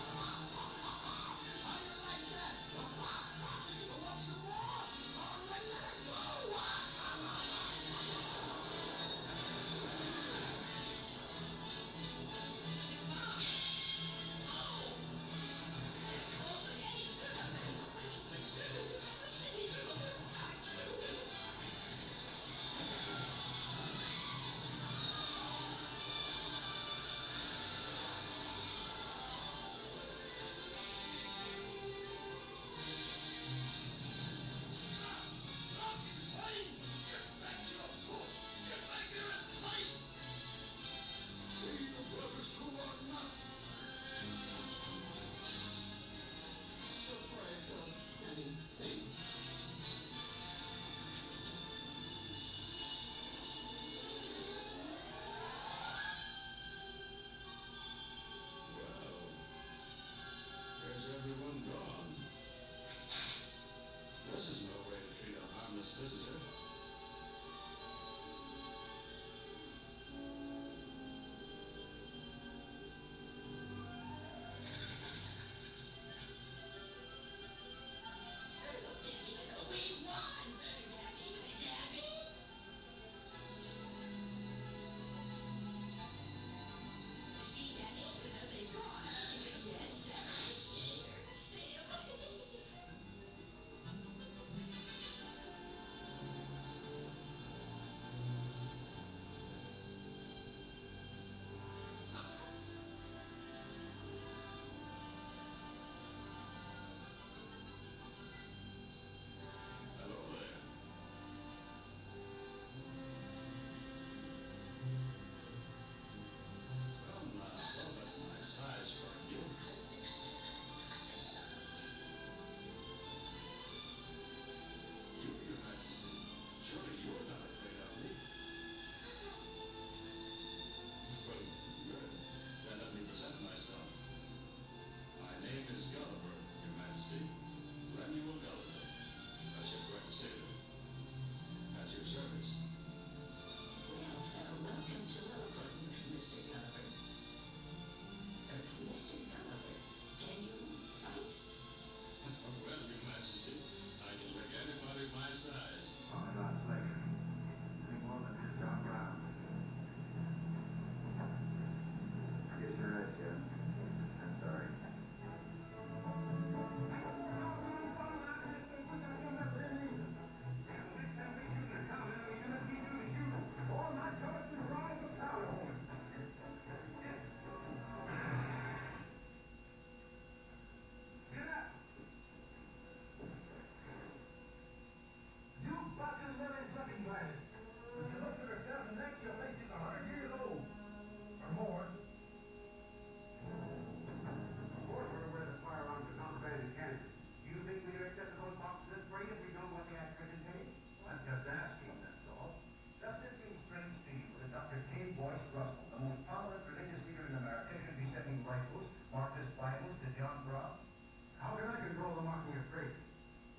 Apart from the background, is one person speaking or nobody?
No one.